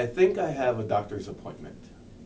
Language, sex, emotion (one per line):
English
male
neutral